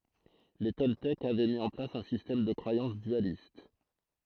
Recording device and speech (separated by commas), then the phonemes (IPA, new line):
throat microphone, read sentence
le tɔltɛkz avɛ mi ɑ̃ plas œ̃ sistɛm də kʁwajɑ̃s dyalist